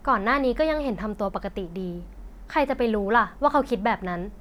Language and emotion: Thai, frustrated